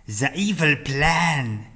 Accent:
french accent